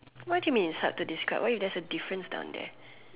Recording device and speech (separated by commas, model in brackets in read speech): telephone, conversation in separate rooms